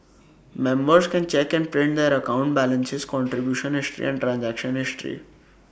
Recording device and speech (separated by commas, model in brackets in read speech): boundary microphone (BM630), read sentence